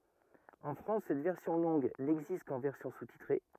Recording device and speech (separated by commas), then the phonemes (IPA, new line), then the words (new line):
rigid in-ear microphone, read sentence
ɑ̃ fʁɑ̃s sɛt vɛʁsjɔ̃ lɔ̃ɡ nɛɡzist kɑ̃ vɛʁsjɔ̃ sustitʁe
En France, cette version longue n'existe qu'en version sous-titrée.